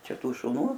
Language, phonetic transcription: Lithuanian, ˈčia ˈtų šuˈnų

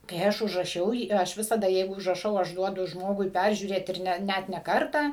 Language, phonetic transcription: Lithuanian, kai ˈaš užraˈšiau ˈjį ˈaš ˈvisada ˈjeigu užraˈšau ˈaš ˈduodu ˈžmogui ˈpæržiūrėt ˈir ˈne ˈnæt ne ˈkartą

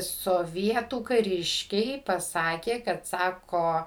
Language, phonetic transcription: Lithuanian, soˈvietų kaˈriškiai paˈsakė kad ˈsako

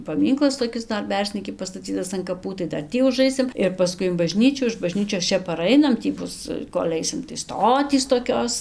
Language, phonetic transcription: Lithuanian, paˈmynklas toˈkis ˈdar ˈberznyki pastaˈcytas an kaˈpų tai ˈdar ˈtį uˈžaisim ir paˈskui in baˈžnyčių iš baˈžnyčios ˈčia paˈrainam ˈtį ˈbus kol' ˈaisim tai ˈstotys toˈkios

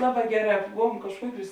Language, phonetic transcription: Lithuanian, ˈlaˌbā ˈgeˌrā ˈbovuom kažˈkuoˌkiūs

